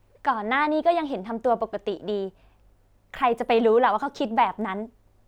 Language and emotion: Thai, happy